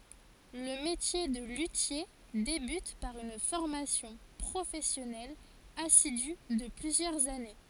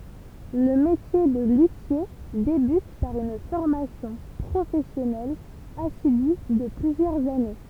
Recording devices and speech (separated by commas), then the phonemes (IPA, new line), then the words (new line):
forehead accelerometer, temple vibration pickup, read sentence
lə metje də lytje debyt paʁ yn fɔʁmasjɔ̃ pʁofɛsjɔnɛl asidy də plyzjœʁz ane
Le métier de luthier débute par une formation professionnelle assidue de plusieurs années.